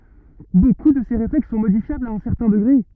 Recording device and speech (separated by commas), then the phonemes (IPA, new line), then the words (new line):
rigid in-ear microphone, read sentence
boku də se ʁeflɛks sɔ̃ modifjablz a œ̃ sɛʁtɛ̃ dəɡʁe
Beaucoup de ces réflexes sont modifiables à un certain degré.